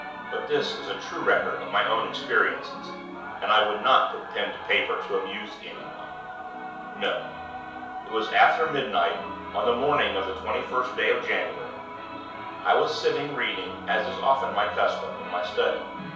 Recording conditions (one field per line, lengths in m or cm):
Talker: one person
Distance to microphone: 3.0 m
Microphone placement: far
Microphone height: 1.8 m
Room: small (3.7 m by 2.7 m)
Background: television